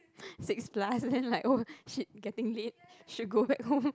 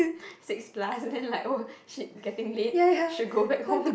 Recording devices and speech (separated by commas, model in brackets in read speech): close-talking microphone, boundary microphone, conversation in the same room